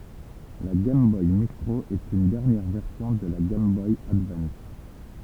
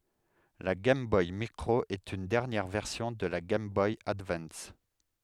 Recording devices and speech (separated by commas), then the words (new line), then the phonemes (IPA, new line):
temple vibration pickup, headset microphone, read sentence
La Game Boy Micro est une dernière version de la Game Boy Advance.
la ɡɛjm bɔj mikʁo ɛt yn dɛʁnjɛʁ vɛʁsjɔ̃ də la ɡɛjm bɔj advɑ̃s